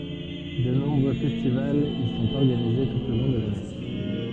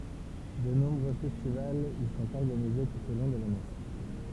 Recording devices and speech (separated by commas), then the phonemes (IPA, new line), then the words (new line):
soft in-ear microphone, temple vibration pickup, read sentence
də nɔ̃bʁø fɛstivalz i sɔ̃t ɔʁɡanize tut o lɔ̃ də lane
De nombreux festivals y sont organisés tout au long de l'année.